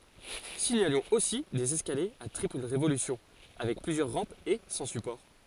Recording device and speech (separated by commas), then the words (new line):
forehead accelerometer, read sentence
Signalons aussi des escaliers à triple révolution avec plusieurs rampes et sans support.